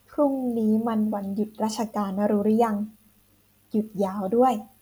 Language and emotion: Thai, neutral